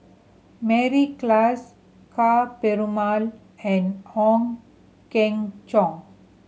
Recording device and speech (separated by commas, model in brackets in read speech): mobile phone (Samsung C7100), read sentence